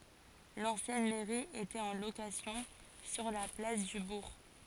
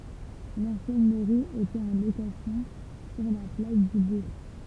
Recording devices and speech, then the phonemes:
forehead accelerometer, temple vibration pickup, read sentence
lɑ̃sjɛn mɛʁi etɛt ɑ̃ lokasjɔ̃ syʁ la plas dy buʁ

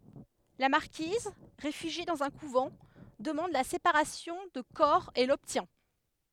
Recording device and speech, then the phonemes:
headset microphone, read sentence
la maʁkiz ʁefyʒje dɑ̃z œ̃ kuvɑ̃ dəmɑ̃d la sepaʁasjɔ̃ də kɔʁ e lɔbtjɛ̃

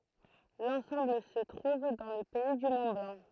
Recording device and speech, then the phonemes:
throat microphone, read sentence
lɑ̃sɑ̃bl sə tʁuv dɑ̃ lə pɛi dy mɔ̃tblɑ̃

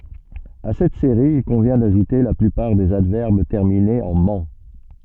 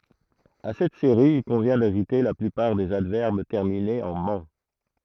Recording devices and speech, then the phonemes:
soft in-ear microphone, throat microphone, read sentence
a sɛt seʁi il kɔ̃vjɛ̃ daʒute la plypaʁ dez advɛʁb tɛʁminez ɑ̃ mɑ̃

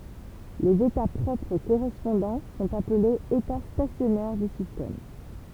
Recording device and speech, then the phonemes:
temple vibration pickup, read sentence
lez eta pʁɔpʁ koʁɛspɔ̃dɑ̃ sɔ̃t aplez eta stasjɔnɛʁ dy sistɛm

